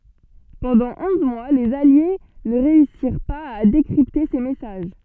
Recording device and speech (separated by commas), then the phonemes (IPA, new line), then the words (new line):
soft in-ear microphone, read sentence
pɑ̃dɑ̃ ɔ̃z mwa lez alje nə ʁeysiʁ paz a dekʁipte se mɛsaʒ
Pendant onze mois, les alliés ne réussirent pas à décrypter ces messages.